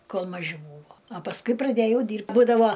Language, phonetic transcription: Lithuanian, ˈkol maˈži ˈbūvo a pasˈkui praˈdėjau ˈdyrbt ˈbūdavo

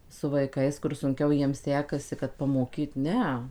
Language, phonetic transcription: Lithuanian, su vaiˈkais kur sunˈkiau ˈjiem ˈsekasi kad pamoˈkyt ˈne

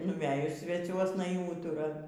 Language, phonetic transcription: Lithuanian, nuˈvejus sveˈciuosna y ˈūtura

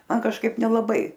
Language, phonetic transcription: Lithuanian, ˈman kažˈkaip nelaˈbai

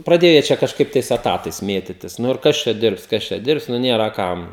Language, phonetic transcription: Lithuanian, praˈdėja ˈčia kažˈkaip tais eˈtatais ˈmėtitis ˈnu ir ˈkas čia ˈdirbs ˈkas čia ˈdirbs ˈnu ˈnėra ˈkam

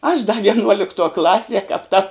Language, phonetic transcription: Lithuanian, aš da vienˈuoliktuo ˈklasie kap ta

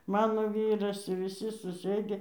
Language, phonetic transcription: Lithuanian, ˈmano ˈvyras i viˈsi suˈsɘdi

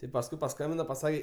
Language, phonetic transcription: Lithuanian, ti pasˈkui paˈskambina paˈsake

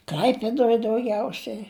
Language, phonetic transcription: Lithuanian, ˈkl'aipėdoj dauˈgiausiai

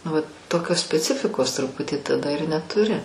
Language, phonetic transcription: Lithuanian, nu va ˈtokios speˈcifikos truˈputį taˈda ir netuˈri

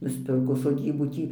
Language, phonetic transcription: Lithuanian, nusˈpirko soˈdybų ˈtį

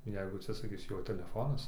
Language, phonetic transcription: Lithuanian, ˈjeigu atsisaˈkis ˈjo teleˈfonas

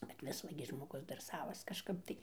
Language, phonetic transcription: Lithuanian, bet ˈvis ˈva gi žmoˈgus dar ˈsavas kažˈkap ˈtai

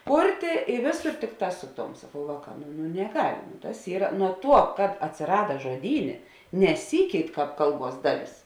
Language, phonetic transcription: Lithuanian, ˈkurtė i ˈvėˌsor ˈtikˌtā ˈsu ˌtom saˈkau ˈvāˌkā nu nu neˈgal' ˈtas ˈyra nuo ˈtuo kad atsiˈrada žoˈdynė neˈsykeit ˈkāp ˈkalˌbuos ˈdaˌlės

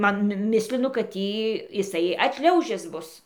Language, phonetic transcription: Lithuanian, ˈman ˈmislinu kad ˈtį jiˈsai atˈšliaužis ˈbus

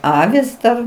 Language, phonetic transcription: Lithuanian, ˈavis dar

